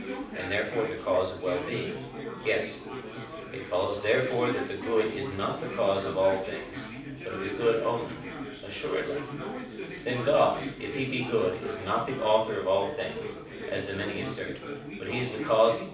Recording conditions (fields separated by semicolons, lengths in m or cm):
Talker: one person; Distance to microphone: 5.8 m; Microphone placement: far; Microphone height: 1.8 m; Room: medium-sized (5.7 m by 4.0 m); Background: babble